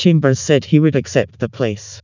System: TTS, vocoder